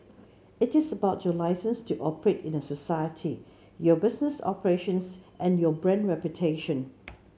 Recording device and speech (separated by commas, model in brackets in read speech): mobile phone (Samsung C7), read sentence